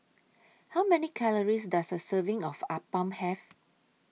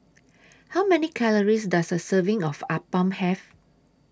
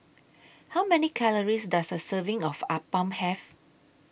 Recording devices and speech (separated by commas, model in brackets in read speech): mobile phone (iPhone 6), standing microphone (AKG C214), boundary microphone (BM630), read sentence